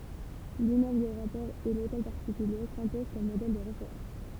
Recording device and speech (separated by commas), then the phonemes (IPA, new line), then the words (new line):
temple vibration pickup, read sentence
limmøbl də ʁapɔʁ e lotɛl paʁtikylje sɛ̃pozɑ̃ kɔm modɛl də ʁefeʁɑ̃s
L'immeuble de rapport et l'hôtel particulier s'imposent comme modèles de référence.